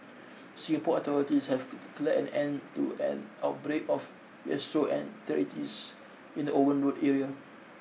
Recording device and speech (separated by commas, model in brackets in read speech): mobile phone (iPhone 6), read sentence